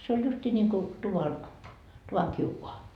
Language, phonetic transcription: Finnish, se oĺ 'justii ńiŋku , tuvan , "tuvaŋ 'kiukoa .
- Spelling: se oli justiin niin kuin tuvan tuvan kiuas

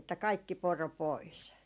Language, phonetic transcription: Finnish, että kaikki "poro 'pois .
- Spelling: että kaikki poro pois

